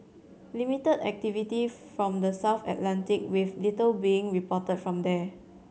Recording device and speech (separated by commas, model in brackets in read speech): mobile phone (Samsung C7100), read sentence